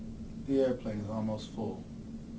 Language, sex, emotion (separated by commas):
English, male, neutral